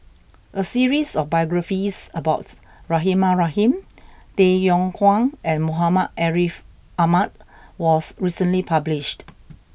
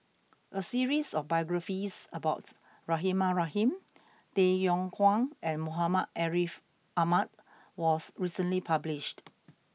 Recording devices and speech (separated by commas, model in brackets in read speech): boundary microphone (BM630), mobile phone (iPhone 6), read sentence